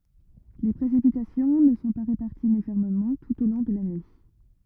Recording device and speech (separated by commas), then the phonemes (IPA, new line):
rigid in-ear microphone, read sentence
le pʁesipitasjɔ̃ nə sɔ̃ pa ʁepaʁtiz ynifɔʁmemɑ̃ tut o lɔ̃ də lane